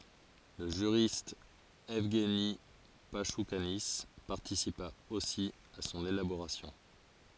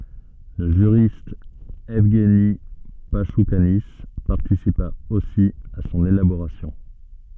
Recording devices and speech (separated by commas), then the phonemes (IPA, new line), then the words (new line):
forehead accelerometer, soft in-ear microphone, read sentence
lə ʒyʁist ɛvɡni paʃukani paʁtisipa osi a sɔ̃n elaboʁasjɔ̃
Le juriste Evgueni Pachoukanis participa aussi à son élaboration.